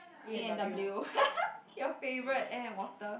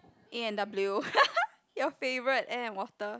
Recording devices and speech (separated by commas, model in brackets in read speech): boundary microphone, close-talking microphone, conversation in the same room